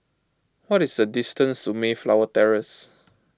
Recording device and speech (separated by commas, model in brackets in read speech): close-talking microphone (WH20), read sentence